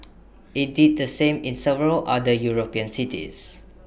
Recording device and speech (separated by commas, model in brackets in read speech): boundary microphone (BM630), read sentence